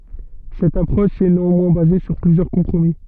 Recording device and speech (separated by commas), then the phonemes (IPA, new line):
soft in-ear microphone, read sentence
sɛt apʁɔʃ ɛ neɑ̃mwɛ̃ baze syʁ plyzjœʁ kɔ̃pʁomi